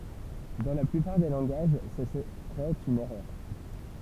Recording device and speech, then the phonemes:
temple vibration pickup, read sentence
dɑ̃ la plypaʁ de lɑ̃ɡaʒ sə səʁɛt yn ɛʁœʁ

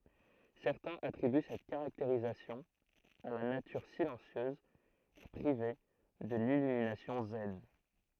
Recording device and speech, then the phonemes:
throat microphone, read sentence
sɛʁtɛ̃z atʁiby sɛt kaʁakteʁistik a la natyʁ silɑ̃sjøz e pʁive də lilyminasjɔ̃ zɛn

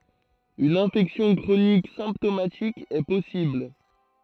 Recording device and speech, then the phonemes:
throat microphone, read sentence
yn ɛ̃fɛksjɔ̃ kʁonik sɛ̃ptomatik ɛ pɔsibl

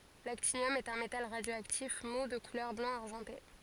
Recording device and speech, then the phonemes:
forehead accelerometer, read sentence
laktinjɔm ɛt œ̃ metal ʁadjoaktif mu də kulœʁ blɑ̃ aʁʒɑ̃te

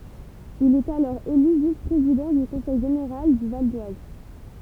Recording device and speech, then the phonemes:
temple vibration pickup, read sentence
il ɛt alɔʁ ely vis pʁezidɑ̃ dy kɔ̃sɛj ʒeneʁal dy val dwaz

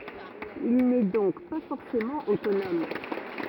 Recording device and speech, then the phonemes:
rigid in-ear microphone, read sentence
il nɛ dɔ̃k pa fɔʁsemɑ̃ otonɔm

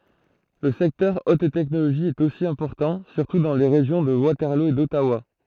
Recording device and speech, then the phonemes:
throat microphone, read sentence
lə sɛktœʁ ot tɛknoloʒi ɛt osi ɛ̃pɔʁtɑ̃ syʁtu dɑ̃ le ʁeʒjɔ̃ də watɛʁlo e dɔtawa

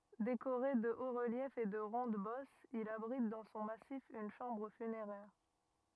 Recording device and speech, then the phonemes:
rigid in-ear microphone, read sentence
dekoʁe də otsʁəljɛfz e də ʁɔ̃dɛzbɔsz il abʁit dɑ̃ sɔ̃ masif yn ʃɑ̃bʁ fyneʁɛʁ

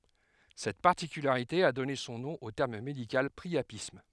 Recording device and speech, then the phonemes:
headset microphone, read sentence
sɛt paʁtikylaʁite a dɔne sɔ̃ nɔ̃ o tɛʁm medikal pʁiapism

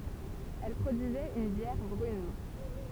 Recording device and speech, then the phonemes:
temple vibration pickup, read sentence
ɛl pʁodyizɛt yn bjɛʁ bʁyn

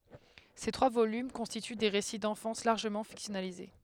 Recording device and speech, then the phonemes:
headset microphone, read sentence
se tʁwa volym kɔ̃stity de ʁesi dɑ̃fɑ̃s laʁʒəmɑ̃ fiksjɔnalize

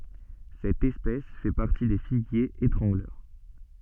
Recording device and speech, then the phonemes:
soft in-ear microphone, read sentence
sɛt ɛspɛs fɛ paʁti de fiɡjez etʁɑ̃ɡlœʁ

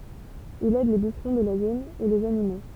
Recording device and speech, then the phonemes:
temple vibration pickup, read sentence
il ɛd le byʃʁɔ̃ də la zon u lez animo

